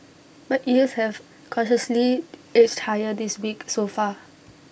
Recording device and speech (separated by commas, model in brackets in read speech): boundary microphone (BM630), read sentence